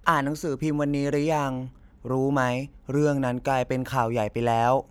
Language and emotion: Thai, neutral